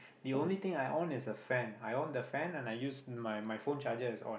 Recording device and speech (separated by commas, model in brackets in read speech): boundary microphone, conversation in the same room